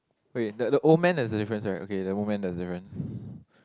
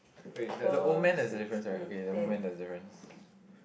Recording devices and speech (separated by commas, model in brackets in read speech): close-talking microphone, boundary microphone, conversation in the same room